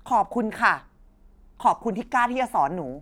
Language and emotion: Thai, angry